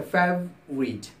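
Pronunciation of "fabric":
'Fabric' is pronounced correctly here.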